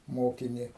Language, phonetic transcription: Lithuanian, ˈmokini

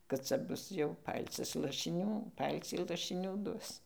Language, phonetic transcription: Lithuanian, kad ˈca ˈbus jau ˈpalcis lašiˈnių ˈpalcį lašiˈnių ˈduos

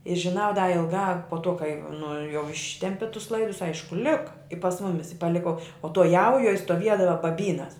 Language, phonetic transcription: Lithuanian, i žiˈnau da ilˈgā po to kai nu jau ˈištempi tus ˈlaidus ˈaišku ˈlika i pas ˈmumis i paˈliko o to ˈjaujuoj stoˈviedava baˈbynas

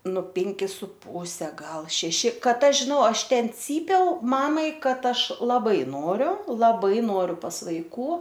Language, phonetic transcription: Lithuanian, nu ˈpinki su ˈpūse ˈgal šeˈši ˈkad ˈaš žiˈnau ˈaš ˈten ˈcypiau ˈmamai ˈkad ˈaš laˈbai ˈnoriu laˈbai ˈnoriu pas vaiˈkų

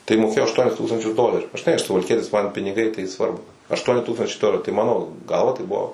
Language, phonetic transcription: Lithuanian, tai moˈkėjo ašˈtuonis ˈtūkstančius ˈdoleriu žiˈnai aš suvalˈkietis man piniˈgai tai ˈsvarbu ašˈtuoni ˈtūkstančiai ˈdoleriu tai ˈmano ˈgalva tai ˈbuvo

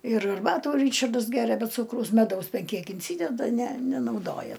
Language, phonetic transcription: Lithuanian, ir arˈbatų ˈryčardas ˈgeria be ˈcūkraus meˈdaus ˈben ˈkiek inˈsydeda ne nenauˈdoja

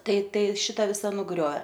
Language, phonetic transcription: Lithuanian, ˈtai ˈtai ˈšita ˈvisa nuˈgrioė

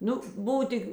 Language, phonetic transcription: Lithuanian, ˈnu ˈbuv ˈtik

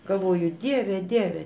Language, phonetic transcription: Lithuanian, galˈvoju ˈdieve ˈdieve

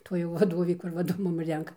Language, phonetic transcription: Lithuanian, ˈtuoj jau vaˈdovė ˈkur ˈvardu ˈmum ˈrenka

